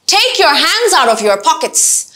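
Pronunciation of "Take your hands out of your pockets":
The sentence begins high, with the stress at the start, and then the voice keeps going down through the rest of the sentence.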